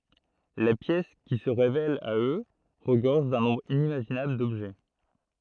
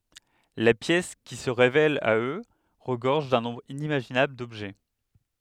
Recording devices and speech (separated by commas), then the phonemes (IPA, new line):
throat microphone, headset microphone, read sentence
la pjɛs ki sə ʁevɛl a ø ʁəɡɔʁʒ dœ̃ nɔ̃bʁ inimaʒinabl dɔbʒɛ